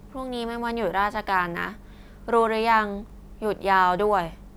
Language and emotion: Thai, frustrated